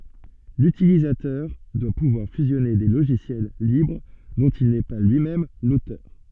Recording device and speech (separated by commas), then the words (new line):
soft in-ear microphone, read sentence
L'utilisateur doit pouvoir fusionner des logiciels libres dont il n'est pas lui-même l'auteur.